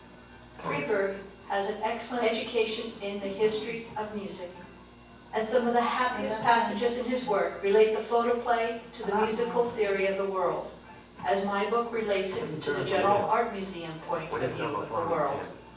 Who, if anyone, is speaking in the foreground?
One person.